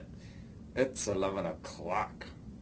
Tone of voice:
disgusted